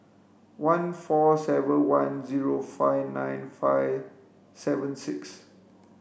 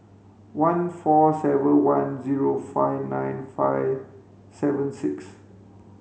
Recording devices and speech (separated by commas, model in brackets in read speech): boundary microphone (BM630), mobile phone (Samsung C5), read sentence